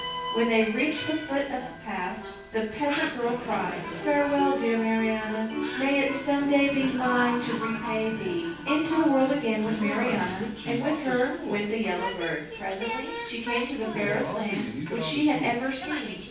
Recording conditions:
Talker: one person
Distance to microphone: 9.8 m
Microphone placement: far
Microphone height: 1.8 m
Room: large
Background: television

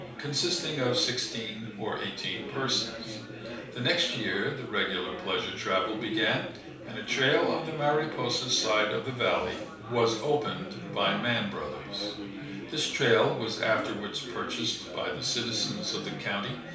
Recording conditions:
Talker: one person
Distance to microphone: 3.0 m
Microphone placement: far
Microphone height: 1.8 m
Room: small (3.7 m by 2.7 m)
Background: babble

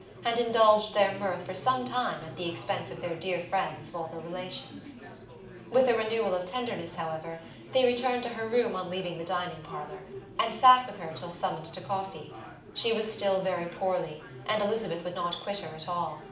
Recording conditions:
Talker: one person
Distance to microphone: 2.0 m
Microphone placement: close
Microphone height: 99 cm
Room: medium-sized (5.7 m by 4.0 m)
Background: babble

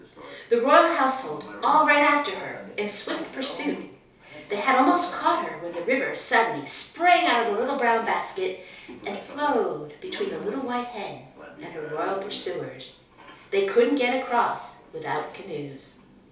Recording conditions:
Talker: one person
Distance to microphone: 3.0 m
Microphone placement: far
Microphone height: 1.8 m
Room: small (3.7 m by 2.7 m)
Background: television

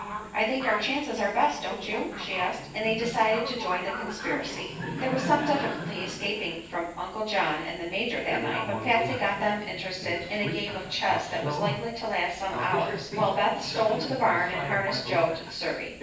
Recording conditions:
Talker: one person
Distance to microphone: 9.8 m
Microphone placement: far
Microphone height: 1.8 m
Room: large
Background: television

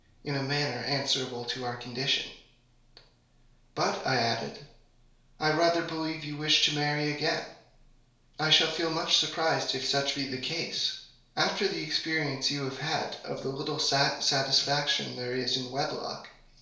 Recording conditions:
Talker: one person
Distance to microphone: 1.0 m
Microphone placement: close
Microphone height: 1.1 m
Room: small (3.7 m by 2.7 m)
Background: none

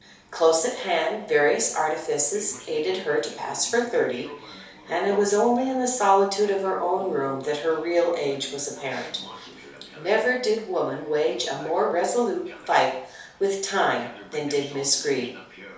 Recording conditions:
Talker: one person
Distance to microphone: 3.0 m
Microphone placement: far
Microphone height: 1.8 m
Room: small (3.7 m by 2.7 m)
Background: television

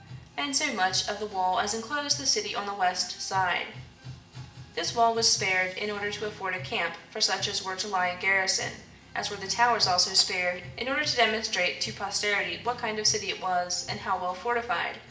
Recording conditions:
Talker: one person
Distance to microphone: 1.8 m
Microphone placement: close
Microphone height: 1.0 m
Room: large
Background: music

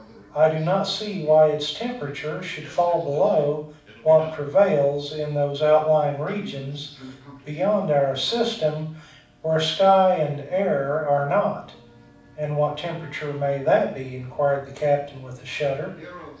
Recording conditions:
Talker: one person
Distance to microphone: 5.8 m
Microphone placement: far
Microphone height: 1.8 m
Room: medium-sized (5.7 m by 4.0 m)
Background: television

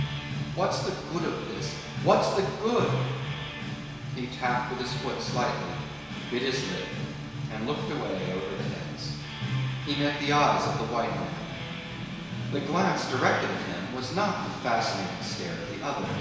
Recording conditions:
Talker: one person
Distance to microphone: 1.7 m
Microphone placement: close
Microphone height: 1.0 m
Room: very reverberant, large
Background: music

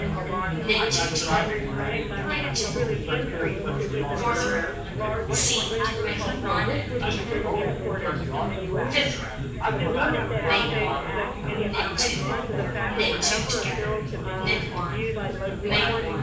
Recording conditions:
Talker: one person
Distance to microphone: 9.8 m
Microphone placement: far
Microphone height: 1.8 m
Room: large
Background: babble

